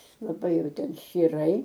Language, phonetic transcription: Lithuanian, laˈbai ˈjau ˈten ščyˈrai

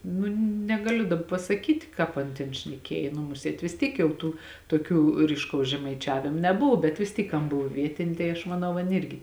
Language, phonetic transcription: Lithuanian, ˈnu negaˈliu dab pasaˈkyt' ˈkāp an ˈtėn šneˈkėj nu ˈmusėt vis ˈtiek jau ˈtų toˈkių ryšˈkaus žemaiˈčiavim neˈbov bet vis ˈtyk ˈan ˈbov ˈvietinė tai aš maˈnau ˈan ˈirgi

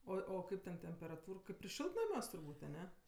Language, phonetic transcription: Lithuanian, ˈoi o ˈkaip ten temperaˈtūr ir ˈšiltnamiuos turˈbūt' aˈne

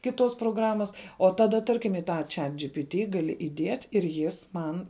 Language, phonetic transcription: Lithuanian, ˈkiˌtuos proˈgramas o ˈtaˌda ˈtarkim i ˈta ˈčiat džipiˈti gaˈli iˈdiet' ir ˈjis ˈman

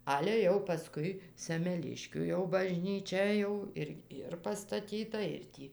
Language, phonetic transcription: Lithuanian, ˈale jau paˈskui semeˈliškių jau bažnyˈčia ˈjau ir ˈir pastaˈtyta ir ˈtį

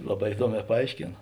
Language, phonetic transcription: Lithuanian, ˈlaˌbā iˈduoˌmē paˈaiškėn

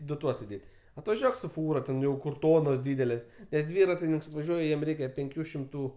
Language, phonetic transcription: Lithuanian, ˈdu ˈtuos iˈdėt' atvaˈžiuok su ˈfūra ten ten ˈjau kur ˈtonos ˈdydelės nes ˈdvyratininks atvaˈžiuoj ˈjiem ˈreikia penˈkių šimˈtų

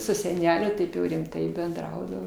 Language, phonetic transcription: Lithuanian, su seˈneliu ˈtaip jau rimˈtai benˈdraudavo

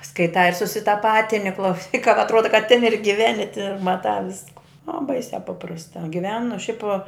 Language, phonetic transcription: Lithuanian, skaiˈtā ir susitaˈpatini klauˈsyk ka atˈruoda ka tin ir giˈveni ti ir maˈtā ˈvisku o ˈbaisiā ˈpaprastā giˈvenu šiaip

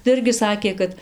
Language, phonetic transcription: Lithuanian, tai ˈirgi ˈsakė kad

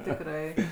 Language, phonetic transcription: Lithuanian, tikˈrai

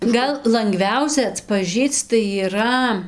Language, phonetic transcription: Lithuanian, ˈgal lanˈgviausia atpaˈžįc tai yˈra

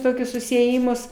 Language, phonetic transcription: Lithuanian, ˈtokius susiėˈjimus

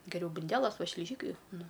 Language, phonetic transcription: Lithuanian, geˈriau bunˈdelas ˈva šliˈžykai ˈnu

